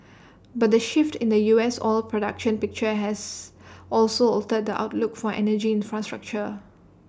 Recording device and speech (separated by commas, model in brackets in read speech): standing microphone (AKG C214), read sentence